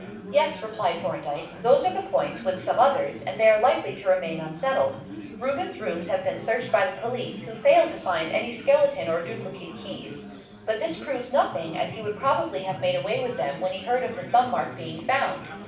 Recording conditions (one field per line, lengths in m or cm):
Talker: one person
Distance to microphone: 5.8 m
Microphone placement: far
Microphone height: 1.8 m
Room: medium-sized (5.7 m by 4.0 m)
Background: babble